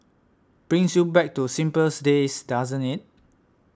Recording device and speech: standing microphone (AKG C214), read sentence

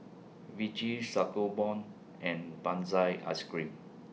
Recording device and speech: mobile phone (iPhone 6), read sentence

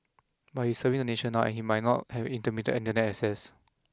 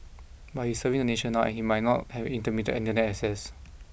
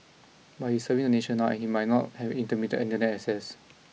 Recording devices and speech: close-talking microphone (WH20), boundary microphone (BM630), mobile phone (iPhone 6), read sentence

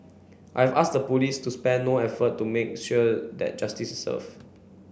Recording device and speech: boundary microphone (BM630), read sentence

